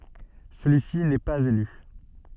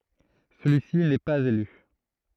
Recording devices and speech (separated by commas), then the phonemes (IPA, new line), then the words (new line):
soft in-ear microphone, throat microphone, read sentence
səlyi si nɛ paz ely
Celui-ci n'est pas élu.